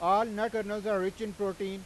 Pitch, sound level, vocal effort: 205 Hz, 99 dB SPL, loud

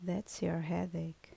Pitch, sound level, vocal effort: 165 Hz, 72 dB SPL, soft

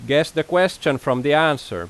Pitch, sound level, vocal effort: 150 Hz, 92 dB SPL, very loud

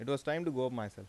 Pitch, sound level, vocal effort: 130 Hz, 86 dB SPL, normal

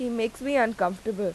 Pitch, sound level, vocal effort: 225 Hz, 86 dB SPL, normal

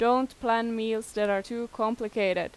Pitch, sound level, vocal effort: 225 Hz, 89 dB SPL, loud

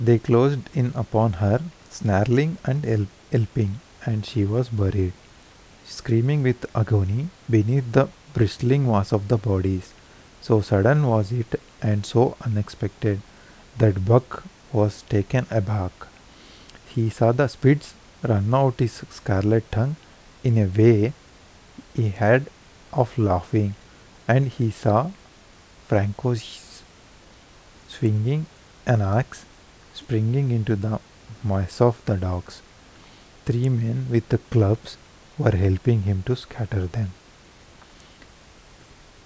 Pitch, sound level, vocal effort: 115 Hz, 78 dB SPL, soft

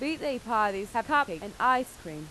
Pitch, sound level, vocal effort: 240 Hz, 91 dB SPL, very loud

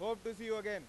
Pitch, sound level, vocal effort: 220 Hz, 102 dB SPL, very loud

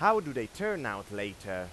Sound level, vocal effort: 97 dB SPL, very loud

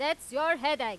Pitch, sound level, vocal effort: 300 Hz, 101 dB SPL, very loud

